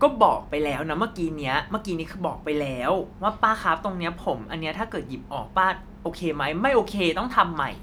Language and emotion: Thai, frustrated